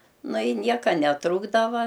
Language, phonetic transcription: Lithuanian, ˈnu i ˈnieka neˈtrūkdava

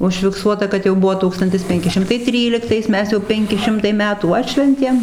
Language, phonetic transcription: Lithuanian, užfikˈsuota kad jau ˈbuo ˈtūkstantis ˈpenki ˈšimtai ˈtryliktais ˈmes jau ˈpenki ˈšimtai ˈmetų ˈatšventėm

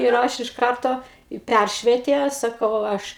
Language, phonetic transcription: Lithuanian, ir ˈaš iš ˈkarto i ˈpæršvietė ˈsakau ˈaš

